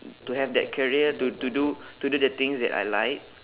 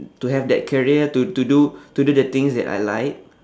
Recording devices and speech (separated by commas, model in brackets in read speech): telephone, standing microphone, conversation in separate rooms